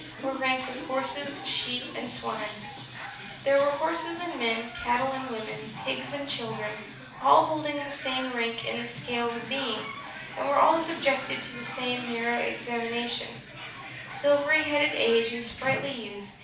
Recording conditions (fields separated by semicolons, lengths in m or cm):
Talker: one person; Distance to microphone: 5.8 m; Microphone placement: far; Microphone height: 1.8 m; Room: medium-sized (5.7 m by 4.0 m); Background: television